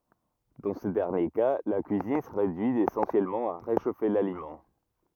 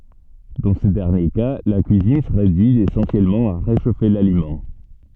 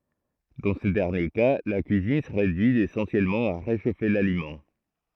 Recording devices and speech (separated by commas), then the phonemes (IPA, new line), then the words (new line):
rigid in-ear microphone, soft in-ear microphone, throat microphone, read sentence
dɑ̃ sə dɛʁnje ka la kyizin sə ʁedyi esɑ̃sjɛlmɑ̃ a ʁeʃofe lalimɑ̃
Dans ce dernier cas, la cuisine se réduit essentiellement à réchauffer l'aliment.